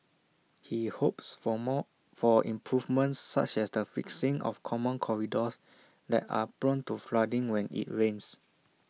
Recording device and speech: mobile phone (iPhone 6), read sentence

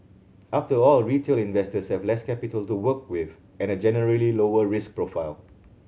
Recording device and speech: mobile phone (Samsung C7100), read sentence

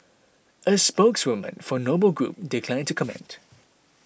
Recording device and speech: boundary microphone (BM630), read sentence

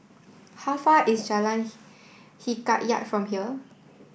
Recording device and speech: boundary microphone (BM630), read sentence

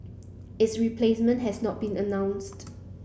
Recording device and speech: boundary microphone (BM630), read sentence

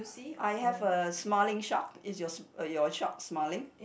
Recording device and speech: boundary microphone, conversation in the same room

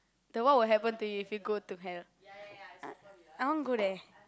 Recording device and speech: close-talking microphone, conversation in the same room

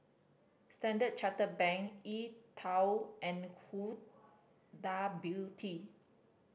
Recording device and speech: boundary microphone (BM630), read sentence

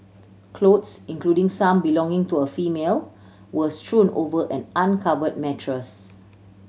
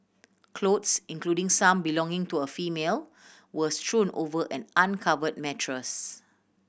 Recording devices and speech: mobile phone (Samsung C7100), boundary microphone (BM630), read sentence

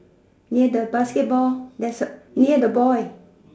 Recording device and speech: standing microphone, conversation in separate rooms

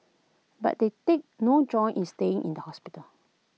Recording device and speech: mobile phone (iPhone 6), read sentence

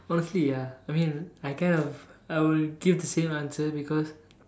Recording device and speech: standing microphone, conversation in separate rooms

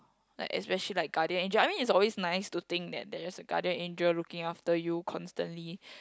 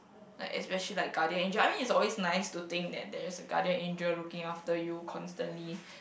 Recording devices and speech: close-talking microphone, boundary microphone, conversation in the same room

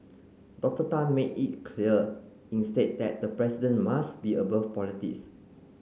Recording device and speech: mobile phone (Samsung C9), read sentence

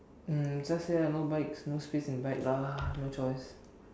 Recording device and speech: standing microphone, conversation in separate rooms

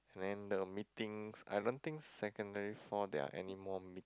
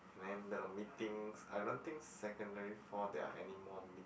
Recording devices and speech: close-talking microphone, boundary microphone, conversation in the same room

